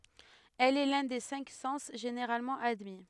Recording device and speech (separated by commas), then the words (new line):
headset microphone, read sentence
Elle est l’un des cinq sens généralement admis.